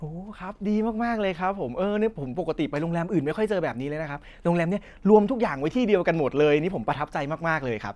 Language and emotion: Thai, happy